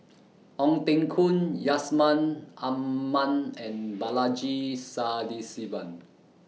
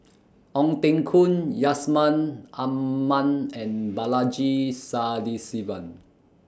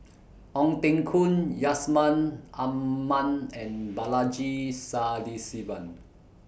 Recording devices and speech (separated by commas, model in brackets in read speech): mobile phone (iPhone 6), standing microphone (AKG C214), boundary microphone (BM630), read sentence